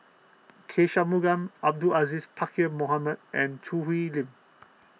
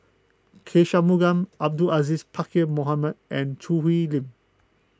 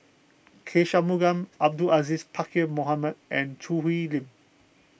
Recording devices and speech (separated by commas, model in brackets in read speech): mobile phone (iPhone 6), close-talking microphone (WH20), boundary microphone (BM630), read sentence